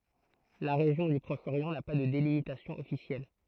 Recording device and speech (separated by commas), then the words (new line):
throat microphone, read sentence
La région du Proche-Orient n'a pas de délimitation officielle.